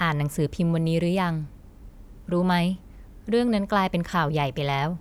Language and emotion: Thai, neutral